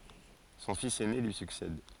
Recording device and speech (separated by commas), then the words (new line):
forehead accelerometer, read sentence
Son fils aîné lui succède.